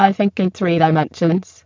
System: VC, spectral filtering